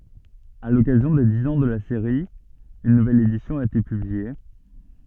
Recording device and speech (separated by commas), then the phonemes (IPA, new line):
soft in-ear microphone, read sentence
a lɔkazjɔ̃ de diz ɑ̃ də la seʁi yn nuvɛl edisjɔ̃ a ete pyblie